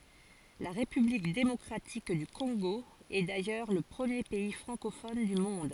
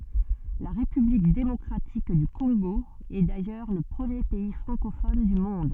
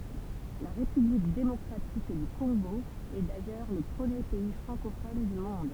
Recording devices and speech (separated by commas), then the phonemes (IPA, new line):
forehead accelerometer, soft in-ear microphone, temple vibration pickup, read sentence
la ʁepyblik demɔkʁatik dy kɔ̃ɡo ɛ dajœʁ lə pʁəmje pɛi fʁɑ̃kofɔn dy mɔ̃d